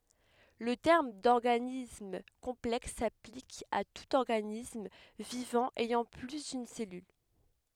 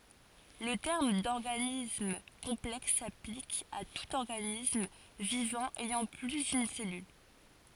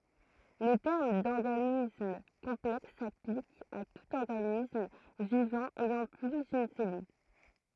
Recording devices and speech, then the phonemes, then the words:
headset microphone, forehead accelerometer, throat microphone, read sentence
lə tɛʁm dɔʁɡanism kɔ̃plɛks saplik a tut ɔʁɡanism vivɑ̃ ɛjɑ̃ ply dyn sɛlyl
Le terme d'organisme complexe s'applique à tout organisme vivant ayant plus d'une cellule.

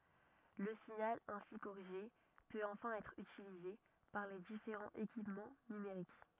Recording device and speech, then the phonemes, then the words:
rigid in-ear microphone, read sentence
lə siɲal ɛ̃si koʁiʒe pøt ɑ̃fɛ̃ ɛtʁ ytilize paʁ le difeʁɑ̃z ekipmɑ̃ nymeʁik
Le signal ainsi corrigé peut enfin être utilisé par les différents équipements numériques.

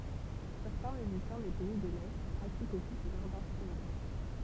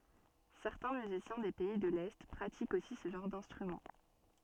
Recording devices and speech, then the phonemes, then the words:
temple vibration pickup, soft in-ear microphone, read sentence
sɛʁtɛ̃ myzisjɛ̃ de pɛi də lɛ pʁatikt osi sə ʒɑ̃ʁ dɛ̃stʁymɑ̃
Certains musiciens des pays de l'Est pratiquent aussi ce genre d'instrument.

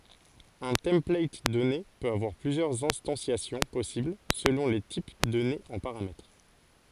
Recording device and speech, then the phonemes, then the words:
forehead accelerometer, read sentence
œ̃ tɑ̃plat dɔne pøt avwaʁ plyzjœʁz ɛ̃stɑ̃sjasjɔ̃ pɔsibl səlɔ̃ le tip dɔnez ɑ̃ paʁamɛtʁ
Un template donné peut avoir plusieurs instanciations possibles selon les types donnés en paramètres.

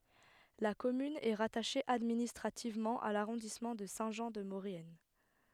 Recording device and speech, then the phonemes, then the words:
headset microphone, read sentence
la kɔmyn ɛ ʁataʃe administʁativmɑ̃ a laʁɔ̃dismɑ̃ də sɛ̃ ʒɑ̃ də moʁjɛn
La commune est rattachée administrativement à l’arrondissement de Saint-Jean-de-Maurienne.

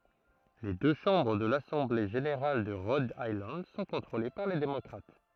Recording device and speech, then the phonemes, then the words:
throat microphone, read sentence
le dø ʃɑ̃bʁ də lasɑ̃ble ʒeneʁal də ʁɔd ajlɑ̃d sɔ̃ kɔ̃tʁole paʁ le demɔkʁat
Les deux chambres de l'Assemblée générale de Rhode Island sont contrôlées par les démocrates.

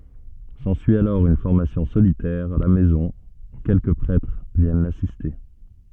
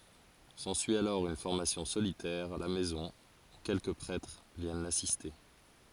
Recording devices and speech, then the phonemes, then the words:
soft in-ear microphone, forehead accelerometer, read sentence
sɑ̃syi alɔʁ yn fɔʁmasjɔ̃ solitɛʁ a la mɛzɔ̃ u kɛlkə pʁɛtʁ vjɛn lasiste
S'ensuit alors une formation solitaire, à la maison, où quelques prêtres viennent l'assister.

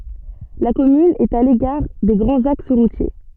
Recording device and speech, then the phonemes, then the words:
soft in-ear microphone, read sentence
la kɔmyn ɛt a lekaʁ de ɡʁɑ̃z aks ʁutje
La commune est à l'écart des grands axes routiers.

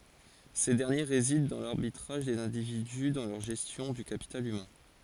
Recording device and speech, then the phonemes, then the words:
forehead accelerometer, read sentence
se dɛʁnje ʁezidɑ̃ dɑ̃ laʁbitʁaʒ dez ɛ̃dividy dɑ̃ lœʁ ʒɛstjɔ̃ dy kapital ymɛ̃
Ces derniers résident dans l’arbitrage des individus dans leur gestion du capital humain.

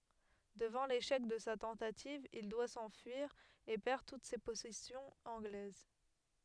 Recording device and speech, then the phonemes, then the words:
headset microphone, read sentence
dəvɑ̃ leʃɛk də sa tɑ̃tativ il dwa sɑ̃fyiʁ e pɛʁ tut se pɔsɛsjɔ̃z ɑ̃ɡlɛz
Devant l'échec de sa tentative, il doit s'enfuir, et perd toutes ses possessions anglaises.

